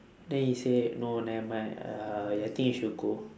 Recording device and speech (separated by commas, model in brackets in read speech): standing microphone, conversation in separate rooms